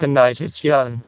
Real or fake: fake